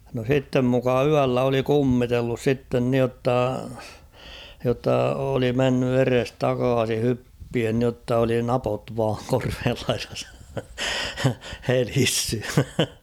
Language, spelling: Finnish, no sitten muka yöllä oli kummitellut sitten niin jotta jotta oli mennyt edestakaisin hyppien niin jotta oli napot vain korveen laidassa helissyt
- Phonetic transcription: no 'sittem muka "yällä oli "kummitellus 'sitten nⁱotta , jotta oli 'menny 'eres"takaasi 'hyppien nⁱotta oli "napot vaaŋ 'korveel lairas , 'helissy .

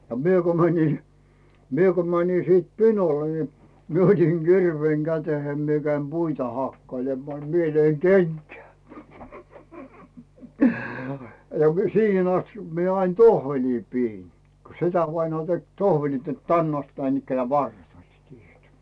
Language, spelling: Finnish, a minä kun menin minä kun menin sitten pinolle niin minä otin kirveen käteen minä kävin puita hakkailemaan niin minä löin kenkään ja - siihen asti minä aina tohveleita pidin kun setävainaa teki tohvelit että tänne asti näinikään varret olivat tehdyt
- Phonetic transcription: a 'mie ko mäńi , 'mie ko mäńi siit "pinole ni , 'mie otiŋ "Girveeŋ 'Gäteheim mie käim "Buita 'hakkailemmaa ni 'mie 'löiŋ "kenkää , ja mi- "siihen ‿'astikkᴀ 'mie ain "tohveĺii 'piin , ko 'setävainaa tek "tohveĺit net "tänn ‿ast 'näinikkänᵉä̀ 'varret oĺliit tehyt .

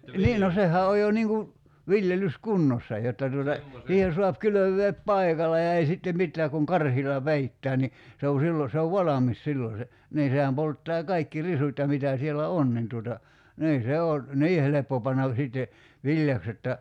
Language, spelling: Finnish, niin no sehän on jo niin kuin viljelyskunnossa jotta tuota siihen saa kylvää paikalla ja ei sitten mitään kun karhilla peittää niin se on silloin se on valmis silloin se niin sehän polttaa kaikki risut ja mitä siellä on niin tuota niin se on niin helppo panna sitten viljaksi jotta
- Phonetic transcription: "nii no 'sehä oj jo 'niiŋ ku , 'viljelys"kunnossa jotta tuota , 'siihen̬ suap 'kylöv̆veep "paikal̆la ja 'ei sittem 'mit̆tää kuŋ "karhila "peittää ni , se o 'sillo se ov "valamis 'sillo se , nii 'sehäm polttaa 'kaikki "risut ja 'mitä sielä "on nin tuota , nii 'se oo , "nii 'heleppo pannav 'sìtte , 'viĺjaks jotta ,.

